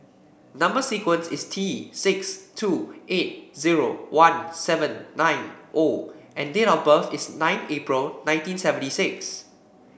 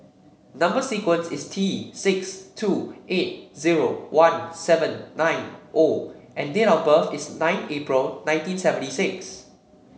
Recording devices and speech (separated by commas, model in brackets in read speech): boundary microphone (BM630), mobile phone (Samsung C7), read sentence